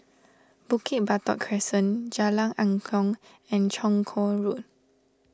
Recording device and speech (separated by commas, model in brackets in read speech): standing microphone (AKG C214), read sentence